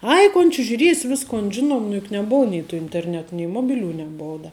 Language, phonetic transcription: Lithuanian, ˈai kon či žiuˈries' ˈviskon ˈžinom nu juk neˈbou nei tu interˈnet nei ˈmobiˌlių neˈbou da

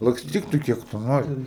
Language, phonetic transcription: Lithuanian, laksˈtyk tu ˈkiek tu ˈnori

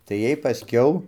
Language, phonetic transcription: Lithuanian, tai ˈjiej paˈskiau

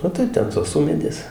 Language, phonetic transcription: Lithuanian, o ˈtaip ˈten tos ˈumėdės

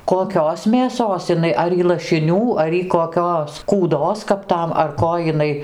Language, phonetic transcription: Lithuanian, koˈkios mėˈsos iˈnai ˈar y lašiˈnių ar ˈy koˈkios kūˈdos kap ˈtam ar ˈko jiˈnai

